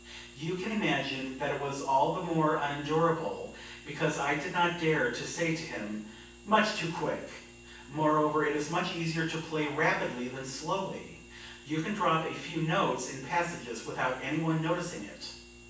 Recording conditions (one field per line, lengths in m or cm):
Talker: one person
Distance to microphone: 9.8 m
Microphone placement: far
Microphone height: 1.8 m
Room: large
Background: none